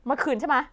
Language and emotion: Thai, angry